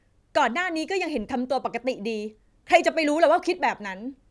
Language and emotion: Thai, angry